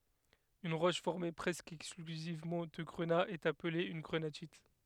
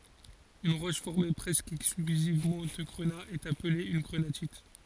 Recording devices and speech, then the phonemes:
headset microphone, forehead accelerometer, read sentence
yn ʁɔʃ fɔʁme pʁɛskə ɛksklyzivmɑ̃ də ɡʁəna ɛt aple yn ɡʁənatit

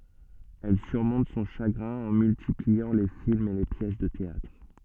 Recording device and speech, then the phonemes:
soft in-ear microphone, read sentence
ɛl syʁmɔ̃t sɔ̃ ʃaɡʁɛ̃ ɑ̃ myltipliɑ̃ le filmz e le pjɛs də teatʁ

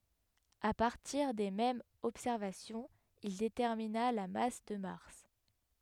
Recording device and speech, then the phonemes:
headset microphone, read sentence
a paʁtiʁ de mɛmz ɔbsɛʁvasjɔ̃z il detɛʁmina la mas də maʁs

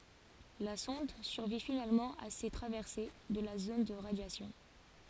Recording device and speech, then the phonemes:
forehead accelerometer, read sentence
la sɔ̃d syʁvi finalmɑ̃ a se tʁavɛʁse də la zon də ʁadjasjɔ̃

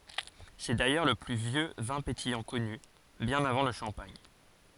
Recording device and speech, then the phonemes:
forehead accelerometer, read sentence
sɛ dajœʁ lə ply vjø vɛ̃ petijɑ̃ kɔny bjɛ̃n avɑ̃ lə ʃɑ̃paɲ

